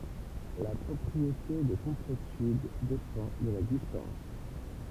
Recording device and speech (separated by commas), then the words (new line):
temple vibration pickup, read sentence
La propriété de complétude dépend de la distance.